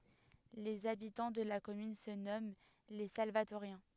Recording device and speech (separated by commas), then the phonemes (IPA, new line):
headset microphone, read sentence
lez abitɑ̃ də la kɔmyn sə nɔmɑ̃ le salvatoʁjɛ̃